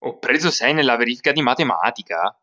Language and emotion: Italian, surprised